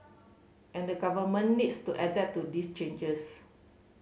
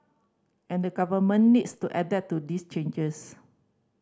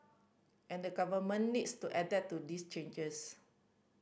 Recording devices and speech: mobile phone (Samsung C5010), standing microphone (AKG C214), boundary microphone (BM630), read sentence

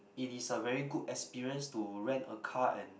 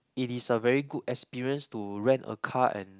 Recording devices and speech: boundary microphone, close-talking microphone, conversation in the same room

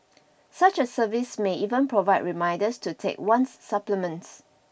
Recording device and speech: boundary microphone (BM630), read sentence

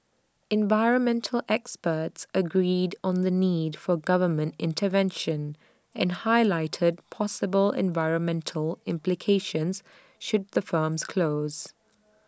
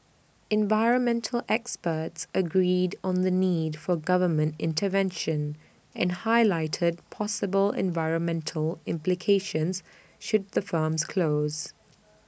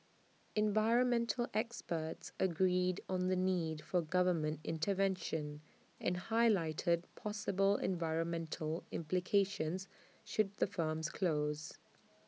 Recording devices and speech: standing microphone (AKG C214), boundary microphone (BM630), mobile phone (iPhone 6), read sentence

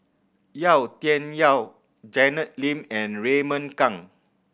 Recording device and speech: boundary microphone (BM630), read sentence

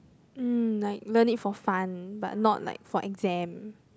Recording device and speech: close-talking microphone, conversation in the same room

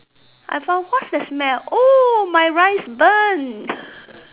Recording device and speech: telephone, conversation in separate rooms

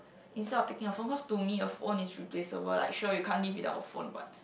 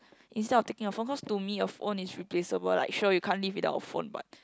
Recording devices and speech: boundary microphone, close-talking microphone, conversation in the same room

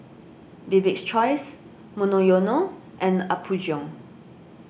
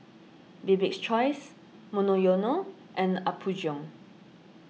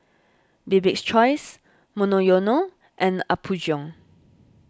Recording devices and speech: boundary microphone (BM630), mobile phone (iPhone 6), standing microphone (AKG C214), read sentence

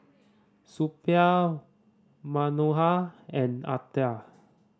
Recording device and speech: standing microphone (AKG C214), read sentence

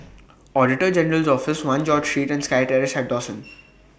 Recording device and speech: boundary microphone (BM630), read sentence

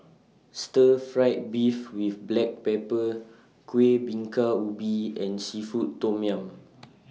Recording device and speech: mobile phone (iPhone 6), read sentence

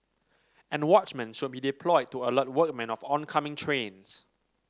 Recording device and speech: standing microphone (AKG C214), read sentence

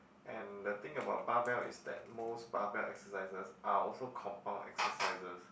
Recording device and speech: boundary microphone, conversation in the same room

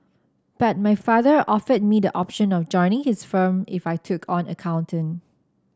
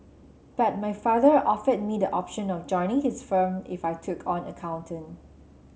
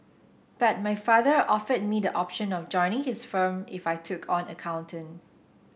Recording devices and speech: standing microphone (AKG C214), mobile phone (Samsung C7), boundary microphone (BM630), read sentence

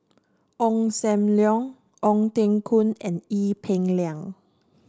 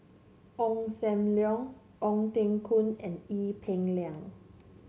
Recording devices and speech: standing microphone (AKG C214), mobile phone (Samsung C7), read sentence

